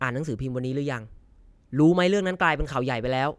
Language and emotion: Thai, neutral